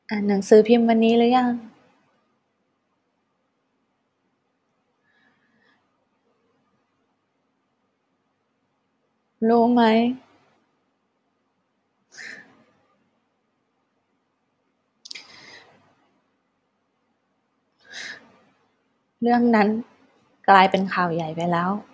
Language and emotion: Thai, sad